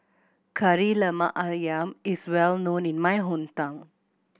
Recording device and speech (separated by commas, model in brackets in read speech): boundary microphone (BM630), read sentence